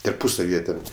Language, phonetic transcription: Lithuanian, tarˈpusav' ˈjie ten

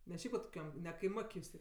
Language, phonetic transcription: Lithuanian, ne ˈšiaip vat koˈkiam ne kaiˈmok' jus ˈtė

